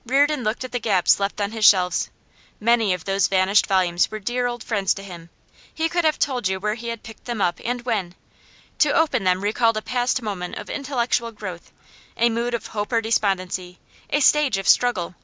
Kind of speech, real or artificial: real